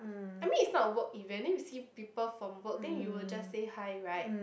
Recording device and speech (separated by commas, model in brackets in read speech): boundary microphone, conversation in the same room